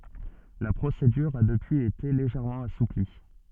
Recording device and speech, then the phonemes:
soft in-ear microphone, read sentence
la pʁosedyʁ a dəpyiz ete leʒɛʁmɑ̃ asupli

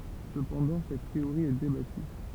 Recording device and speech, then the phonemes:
temple vibration pickup, read sentence
səpɑ̃dɑ̃ sɛt teoʁi ɛ debaty

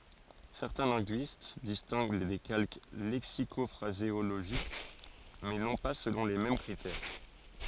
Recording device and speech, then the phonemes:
forehead accelerometer, read sentence
sɛʁtɛ̃ lɛ̃ɡyist distɛ̃ɡ de kalk lɛksikɔfʁazeoloʒik mɛ nɔ̃ pa səlɔ̃ le mɛm kʁitɛʁ

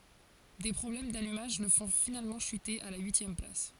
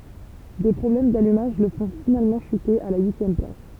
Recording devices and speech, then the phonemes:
forehead accelerometer, temple vibration pickup, read sentence
de pʁɔblɛm dalymaʒ lə fɔ̃ finalmɑ̃ ʃyte a la yisjɛm plas

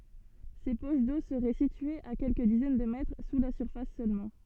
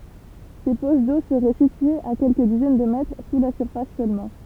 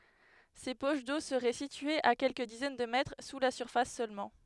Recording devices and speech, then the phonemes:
soft in-ear microphone, temple vibration pickup, headset microphone, read sentence
se poʃ do səʁɛ sityez a kɛlkə dizɛn də mɛtʁ su la syʁfas sølmɑ̃

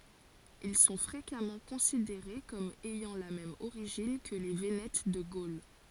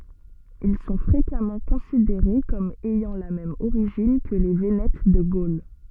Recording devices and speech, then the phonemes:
forehead accelerometer, soft in-ear microphone, read sentence
il sɔ̃ fʁekamɑ̃ kɔ̃sideʁe kɔm ɛjɑ̃ la mɛm oʁiʒin kə le venɛt də ɡol

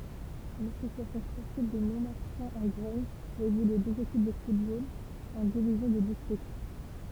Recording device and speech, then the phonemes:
temple vibration pickup, read sentence
lasosjasjɔ̃ spɔʁtiv də mɔ̃maʁtɛ̃ ɑ̃ ɡʁɛɲ fɛt evolye døz ekip də futbol ɑ̃ divizjɔ̃ də distʁikt

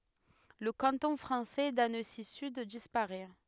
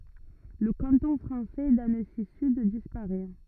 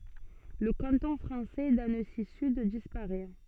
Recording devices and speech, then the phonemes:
headset microphone, rigid in-ear microphone, soft in-ear microphone, read sentence
lə kɑ̃tɔ̃ fʁɑ̃sɛ dansizyd dispaʁɛ

